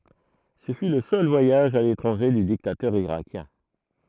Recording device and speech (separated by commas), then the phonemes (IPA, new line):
throat microphone, read sentence
sə fy lə sœl vwajaʒ a letʁɑ̃ʒe dy diktatœʁ iʁakjɛ̃